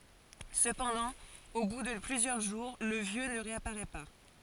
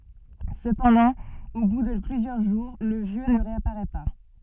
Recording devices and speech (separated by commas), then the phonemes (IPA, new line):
forehead accelerometer, soft in-ear microphone, read sentence
səpɑ̃dɑ̃ o bu də plyzjœʁ ʒuʁ lə vjø nə ʁeapaʁɛ pa